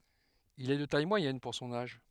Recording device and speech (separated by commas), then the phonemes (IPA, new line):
headset microphone, read sentence
il ɛ də taj mwajɛn puʁ sɔ̃n aʒ